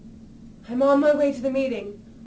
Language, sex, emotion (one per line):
English
female
neutral